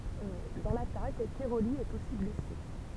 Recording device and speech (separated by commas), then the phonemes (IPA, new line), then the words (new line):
temple vibration pickup, read sentence
dɑ̃ latak kɛʁoli ɛt osi blɛse
Dans l'attaque, Cairoli est aussi blessé.